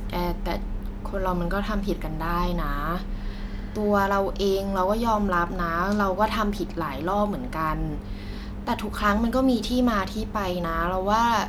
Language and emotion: Thai, frustrated